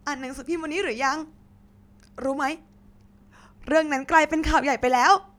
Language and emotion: Thai, sad